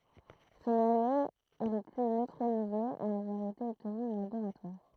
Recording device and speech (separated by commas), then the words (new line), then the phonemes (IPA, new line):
throat microphone, read sentence
Ce noyau est le plus neutronisé à avoir été obtenu en laboratoire.
sə nwajo ɛ lə ply nøtʁonize a avwaʁ ete ɔbtny ɑ̃ laboʁatwaʁ